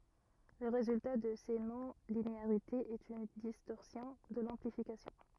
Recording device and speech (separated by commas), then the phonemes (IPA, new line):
rigid in-ear microphone, read sentence
lə ʁezylta də se nɔ̃lineaʁitez ɛt yn distɔʁsjɔ̃ də lɑ̃plifikasjɔ̃